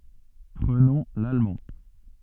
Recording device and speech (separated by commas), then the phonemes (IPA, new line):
soft in-ear microphone, read sentence
pʁənɔ̃ lalmɑ̃